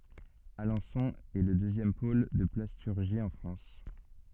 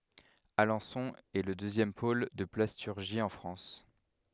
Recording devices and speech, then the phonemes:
soft in-ear microphone, headset microphone, read sentence
alɑ̃sɔ̃ ɛ lə døzjɛm pol də plastyʁʒi ɑ̃ fʁɑ̃s

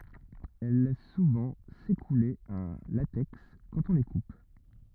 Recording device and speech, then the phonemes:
rigid in-ear microphone, read sentence
ɛl lɛs suvɑ̃ sekule œ̃ latɛks kɑ̃t ɔ̃ le kup

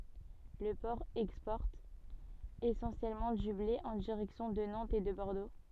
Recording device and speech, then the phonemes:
soft in-ear microphone, read sentence
lə pɔʁ ɛkspɔʁt esɑ̃sjɛlmɑ̃ dy ble ɑ̃ diʁɛksjɔ̃ də nɑ̃tz e də bɔʁdo

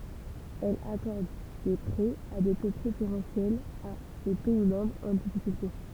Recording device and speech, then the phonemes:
temple vibration pickup, read sentence
ɛl akɔʁd de pʁɛz a de to pʁefeʁɑ̃sjɛlz a se pɛi mɑ̃bʁz ɑ̃ difikylte

